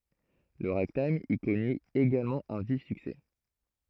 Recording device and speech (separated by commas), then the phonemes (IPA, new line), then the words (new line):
throat microphone, read sentence
lə ʁaɡtajm i kɔny eɡalmɑ̃ œ̃ vif syksɛ
Le ragtime y connut également un vif succès.